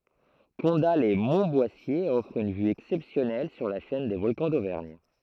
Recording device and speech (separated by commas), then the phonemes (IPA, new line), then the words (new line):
throat microphone, read sentence
kɔ̃datlɛsmɔ̃tbwasje ɔfʁ yn vy ɛksɛpsjɔnɛl syʁ la ʃɛn de vɔlkɑ̃ dovɛʁɲ
Condat-lès-Montboissier offre une vue exceptionnelle sur la chaîne des Volcans d'Auvergne.